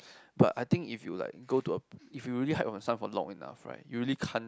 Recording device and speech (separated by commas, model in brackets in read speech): close-talking microphone, conversation in the same room